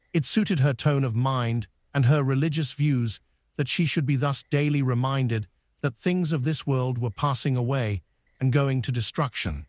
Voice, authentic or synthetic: synthetic